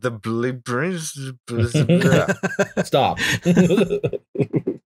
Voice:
cursive voice